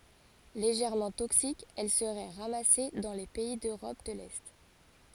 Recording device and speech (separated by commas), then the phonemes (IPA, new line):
forehead accelerometer, read sentence
leʒɛʁmɑ̃ toksik ɛl səʁɛ ʁamase dɑ̃ le pɛi døʁɔp də lɛ